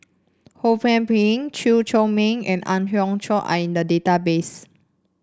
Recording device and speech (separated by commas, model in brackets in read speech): standing microphone (AKG C214), read sentence